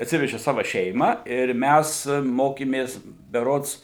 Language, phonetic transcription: Lithuanian, atˈsiveži ˈsava ˈšeimą ir ˈmæs ˈmokėmės beˈrods

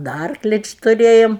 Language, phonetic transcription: Lithuanian, da ˈarkli ˈči tuˈrėjom

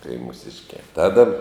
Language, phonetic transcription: Lithuanian, tai mūˈsiškiā ˈtada

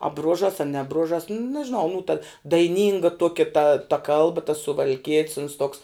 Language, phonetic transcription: Lithuanian, a ˈbruožas a ne ˈbružas nežiˈnau nū ta daiˈnynga ˈtuokia ta ta ˈkalba tas suval'ˈkiet's uns toks

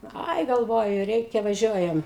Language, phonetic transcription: Lithuanian, ˈai galˈvoju ˈreikia vaˈžiuojam

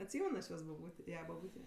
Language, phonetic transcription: Lithuanian, atˈsymen aš ˈjos baˈbūtėˈja baˈbūtė

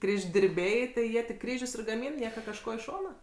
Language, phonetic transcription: Lithuanian, ˌkryždirˈbiai tai ˈjie tik ˈkryžius ir gaˈmyn ˈnieka kažˈko i ˈšona

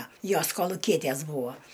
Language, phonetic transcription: Lithuanian, ˈjos koluˈkietæs ˈbūa

